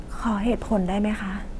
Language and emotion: Thai, sad